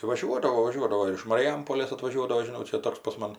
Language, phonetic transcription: Lithuanian, vaˈžiuodavo vaˈžiuodavo ir iš mariˈjampolės atvaˈžiuodavo žiˈnau ˈčia ˈtoks pas ˈman

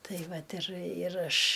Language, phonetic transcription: Lithuanian, ˈtai ˈvat ir ir ˈaš

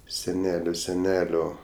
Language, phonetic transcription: Lithuanian, seˈnelio seˈnelio

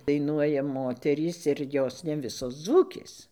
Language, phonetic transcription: Lithuanian, daiˈnuoja ˈmoterys ir ˈjos ne ˈvisos ˈdzūkės

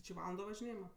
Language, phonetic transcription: Lithuanian, či ˈvalando važiˈnėjima

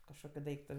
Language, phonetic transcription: Lithuanian, kažˈkokiu ˈdaiktu

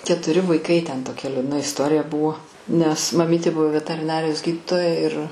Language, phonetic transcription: Lithuanian, ketuˈri vaiˈkai ten toˈkia liūdˈna isˈtorija ˈbuvo nes maˈmyti ˈbuvo vetariˈnarijos ˈgyditoja ir

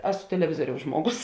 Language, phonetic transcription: Lithuanian, ˈesu teleˈvizuoriaus ˈžmuoˌgus

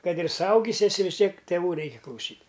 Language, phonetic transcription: Lithuanian, ˈkad ir suˈaugis eˈsi vis ˈtiek tėˈvų ˈreiki klauˈsyt'

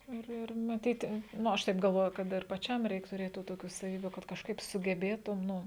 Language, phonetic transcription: Lithuanian, ˈir ˈir maˈtyti ˈnu ˈaš ˈtaip galˈvoju ˈkad ir paˈčiam ˈreik tuˈrėt tų ˈtokių saˈvybių kad kažˈkaip sugeˈbėtum ˈnu

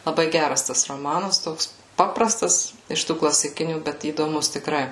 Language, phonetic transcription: Lithuanian, laˈbai ˈgæras ˈtas roˈmanas ˈtoks ˈpaprastas iš ˈtų klasiˈkinių ˈbet įdoˈmus tikˈrai

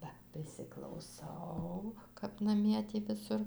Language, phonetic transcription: Lithuanian, ˈba prisiklauˈsau kap naˈmie ˈtį viˈsur

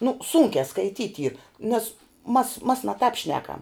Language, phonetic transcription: Lithuanian, nu ˈsūnkiā skaiˈtyt' yr nes mas mas na tāp ˈšnekam

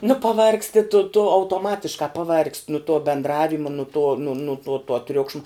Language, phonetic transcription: Lithuanian, nu paˈvargsti tu tu autoˈmatiškā paˈvargst' nu tuo bendˈravima nu tuo nu nu nuo tuo ˈtriukšma

